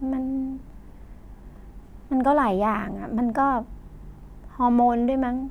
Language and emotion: Thai, sad